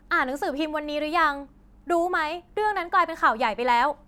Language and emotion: Thai, frustrated